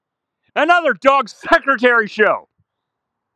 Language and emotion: English, happy